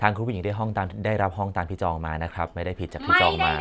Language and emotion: Thai, neutral